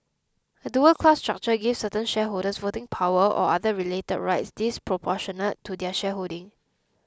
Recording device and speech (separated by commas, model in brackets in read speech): close-talking microphone (WH20), read sentence